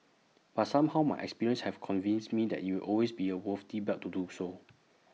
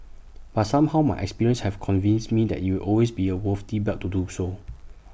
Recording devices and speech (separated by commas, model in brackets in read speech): mobile phone (iPhone 6), boundary microphone (BM630), read sentence